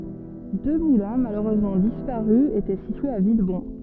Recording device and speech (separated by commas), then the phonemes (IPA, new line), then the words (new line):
soft in-ear microphone, read sentence
dø mulɛ̃ maløʁøzmɑ̃ dispaʁy etɛ sityez a vilbɔ̃
Deux moulins, malheureusement disparus, étaient situés à Villebon.